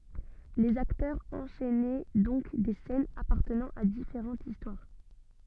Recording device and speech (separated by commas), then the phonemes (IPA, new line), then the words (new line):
soft in-ear microphone, read sentence
lez aktœʁz ɑ̃ʃɛnɛ dɔ̃k de sɛnz apaʁtənɑ̃ a difeʁɑ̃tz istwaʁ
Les acteurs enchainaient donc des scènes appartenant à différentes histoires.